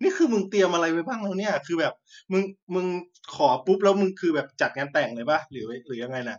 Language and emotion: Thai, happy